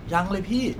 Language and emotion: Thai, neutral